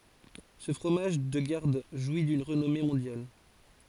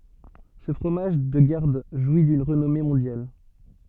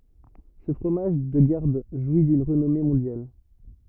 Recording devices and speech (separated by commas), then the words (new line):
forehead accelerometer, soft in-ear microphone, rigid in-ear microphone, read sentence
Ce fromage de garde jouit d'une renommée mondiale.